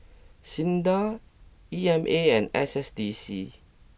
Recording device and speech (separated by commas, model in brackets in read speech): boundary microphone (BM630), read sentence